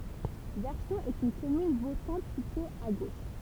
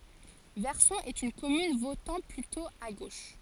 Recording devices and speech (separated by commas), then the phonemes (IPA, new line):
temple vibration pickup, forehead accelerometer, read sentence
vɛʁsɔ̃ ɛt yn kɔmyn votɑ̃ plytɔ̃ a ɡoʃ